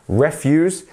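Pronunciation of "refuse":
In 'refuse', the stress is on the first syllable.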